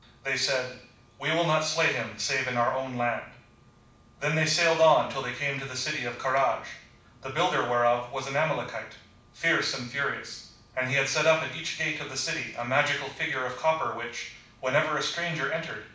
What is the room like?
A moderately sized room (about 5.7 m by 4.0 m).